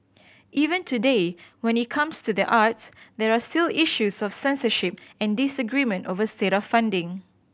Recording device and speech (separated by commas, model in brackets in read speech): boundary microphone (BM630), read sentence